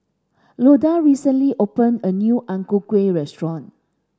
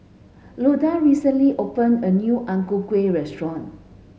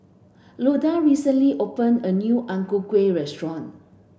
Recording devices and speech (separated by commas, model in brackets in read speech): standing microphone (AKG C214), mobile phone (Samsung S8), boundary microphone (BM630), read sentence